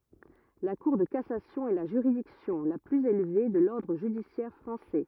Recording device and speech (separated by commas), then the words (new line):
rigid in-ear microphone, read sentence
La Cour de cassation est la juridiction la plus élevée de l'ordre judiciaire français.